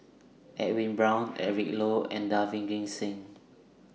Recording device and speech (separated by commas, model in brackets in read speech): mobile phone (iPhone 6), read sentence